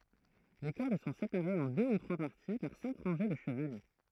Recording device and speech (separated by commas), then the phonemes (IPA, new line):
throat microphone, read sentence
le kɔʁd sɔ̃ sepaʁez ɑ̃ dø u tʁwa paʁti paʁ sɛ̃k ʁɑ̃ʒe də ʃəvalɛ